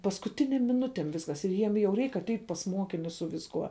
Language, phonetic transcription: Lithuanian, paskuˈtinėm miˈnutėm ˈviskas ir ˈjiem jau ˈreik atˈeit' pas ˈmuokinius su visˈkuo

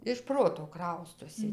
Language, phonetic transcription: Lithuanian, iš ˈproto ˈkraustosi

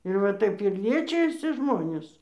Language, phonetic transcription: Lithuanian, ir va ˈtaip ir ˈliečijasi ˈžmonės

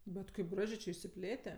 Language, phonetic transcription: Lithuanian, ˈbet kaip ˈgražė čia išsiˈplėte

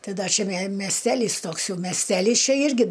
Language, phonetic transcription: Lithuanian, ˈtai ˈda čia me mesˈtelys ˈtoks ˈjau mesˈtelys ˈčia ˈirgi

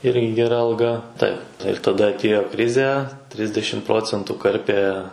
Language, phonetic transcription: Lithuanian, ˈirgi geˈra alˈga ˈtaip ir taˈda atˈėjo ˈkrize ˈtrisdešim ˈprocentų ˈkarpė

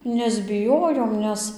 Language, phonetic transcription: Lithuanian, nesbiˈjojom ˈnes

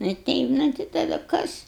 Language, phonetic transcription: Lithuanian, nu i ˈteip nu tai taˈdu ˈkas

